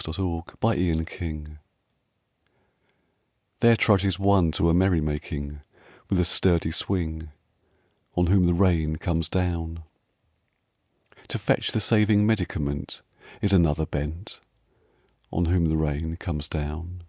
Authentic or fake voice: authentic